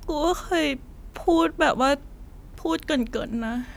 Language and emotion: Thai, sad